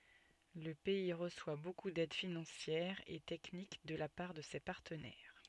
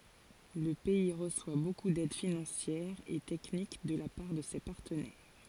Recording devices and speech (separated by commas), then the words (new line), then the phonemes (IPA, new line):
soft in-ear microphone, forehead accelerometer, read sentence
Le pays reçoit beaucoup d'aide financière et technique de la part de ses partenaires.
lə pɛi ʁəswa boku dɛd finɑ̃sjɛʁ e tɛknik də la paʁ də se paʁtənɛʁ